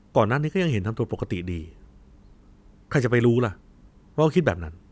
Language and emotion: Thai, frustrated